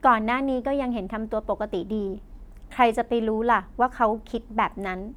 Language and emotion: Thai, neutral